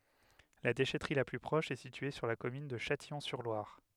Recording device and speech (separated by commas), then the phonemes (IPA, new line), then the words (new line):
headset microphone, read sentence
la deʃɛtʁi la ply pʁɔʃ ɛ sitye syʁ la kɔmyn də ʃatijɔ̃syʁlwaʁ
La déchèterie la plus proche est située sur la commune de Châtillon-sur-Loire.